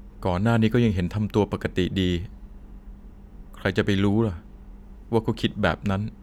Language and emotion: Thai, frustrated